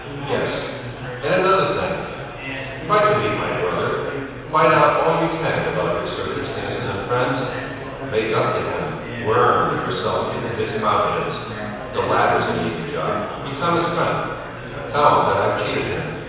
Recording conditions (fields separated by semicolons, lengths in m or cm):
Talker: one person; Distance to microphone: 7.1 m; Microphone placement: far; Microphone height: 1.7 m; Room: very reverberant, large; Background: babble